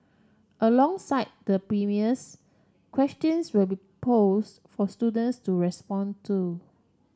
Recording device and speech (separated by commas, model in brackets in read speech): standing microphone (AKG C214), read sentence